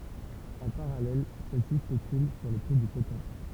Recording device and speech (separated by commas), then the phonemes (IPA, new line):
temple vibration pickup, read sentence
ɑ̃ paʁalɛl sɛl si spekyl syʁ lə pʁi dy kotɔ̃